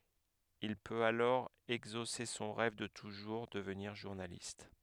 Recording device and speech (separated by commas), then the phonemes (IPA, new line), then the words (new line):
headset microphone, read sentence
il pøt alɔʁ ɛɡzose sɔ̃ ʁɛv də tuʒuʁ dəvniʁ ʒuʁnalist
Il peut alors exaucer son rêve de toujours, devenir journaliste.